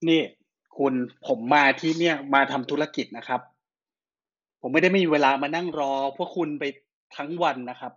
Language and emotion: Thai, angry